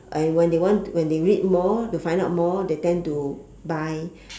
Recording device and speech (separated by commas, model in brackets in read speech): standing microphone, conversation in separate rooms